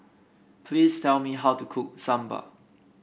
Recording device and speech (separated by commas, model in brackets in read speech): boundary microphone (BM630), read sentence